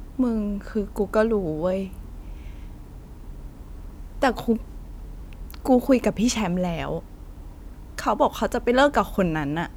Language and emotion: Thai, sad